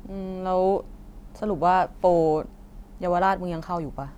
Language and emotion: Thai, neutral